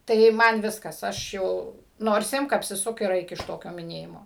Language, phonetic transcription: Lithuanian, tai ˈman ˈviskas ˈaš jau nors ˈimk apsiˈsuk ir ˈaik iš ˈtokio miˈnėjimo

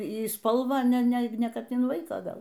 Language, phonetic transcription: Lithuanian, y ˈspalvą ne ˈne ˈkad in ˈvaiką ˈgal

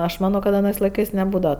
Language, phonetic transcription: Lithuanian, aš ˈmano kad aˈnɜs laiˈkɜs neˈbūdava

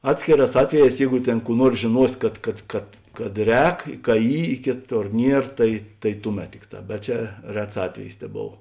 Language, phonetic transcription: Lithuanian, ˈatskėˌrās ˈatveˌjēs ˈjeigu ˈtėn ˈkų ˈnuors žėˈnuos ˈkad kad kad kad ˈrēk ka ˈy i ˈkėˌtor ˈnier ˈtai tai ˈtuˌmet ˈtikˌtā bet ˈčia ˈrets ˈatvejis teˈbov

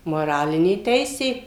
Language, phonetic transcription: Lithuanian, moˈralinė ˈteisė

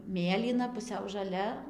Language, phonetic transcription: Lithuanian, ˈmėlyna puˈsiau žaˈlia

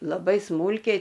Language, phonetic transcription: Lithuanian, laˈbai ˈsmūlkiai

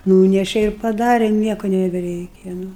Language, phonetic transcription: Lithuanian, ˈnūneše ir paˈdare ˈnieku nebeˈreikia ˈnu

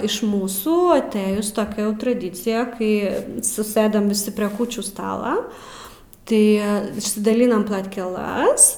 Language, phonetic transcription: Lithuanian, iš ˈmūsų aˈtɘjus toˈkia jau traˈdycija ˈkai suˈsɘdam viˈsi prie ˈkūčių ˈstala ˈtai išsidaˈlinam platkeˈlas

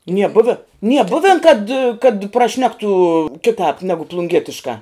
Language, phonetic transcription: Lithuanian, nie ˈbuvi nie ˈbuven kad kad praˈšnektu ˈkitāp ˈnegu plunˈgietiškā

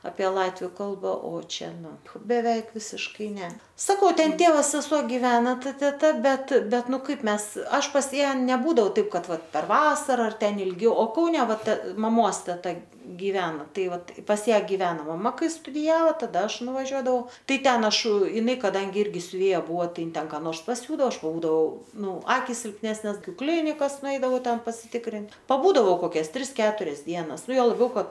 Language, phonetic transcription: Lithuanian, apie ˈlatviu ˈkalba o ˈčia ˈnu beˈveik ˈvisiškai ˈne saˈkau ˈten ˈtėva seˈsuo giˈvena ˈta teˈta ˈbet ˈbet nuˈ ˈkaip ˈmes ˈaš pas ˈją neˈbūdau taip ˈkad ˈvat per ˈvasara ar ˈten ilˈgiau o kauˈne ˈva te maˈmos teˈta giˈveno ˈtai ˈvat pas ˈją giˈveno maˈma ˈkai studiˈjavo taˈda ˈaš nuvaˈžiuodavau ˈtai ˈten ˈaš iˈnai kaˈdangi ˈirgi siuˈvėja ˈbuvo ˈtai ˈin ˈten ka ˈnors paˈsiūdao ˈaš paˈbūdau ˈnu ˈakis silpˈnesnės aˈkiu ˈklinikas nuˈeidavau ˈten pasiˈtikrint paˈbūdavau koˈkias ˈtris ˈketurias ˈdienas ˈnu ˈjuo laˈbiau ˈkad

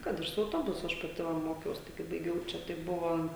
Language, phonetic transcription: Lithuanian, ˈkad ir su auˈtobusu ˈaš paˈti va ˈmokiaus ˈtai kai baiˈgiau ˈčia tai ˈbuvo

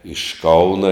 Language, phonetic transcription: Lithuanian, iš ˈkauna

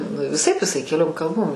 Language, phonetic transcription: Lithuanian, nu viˈsaip iˈsai keˈliom kalˈbom

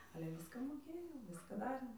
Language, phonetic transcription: Lithuanian, ale ˈviska moˈkėjau ˈviska ˈdarėm

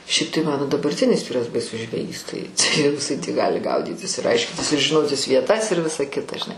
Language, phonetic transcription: Lithuanian, ˈšiaip tai ˈmano dabarˈtinis ˈvyras baiˈsus žveˈjys ˈtai tai jau jiˈsai tį ˈgali ˈgaudytis ir ˈaiškintis ir žiˈnotis vieˈtas ir ˈvisa ˈkita žiˈnai

